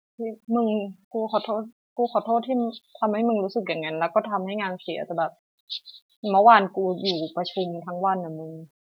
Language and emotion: Thai, sad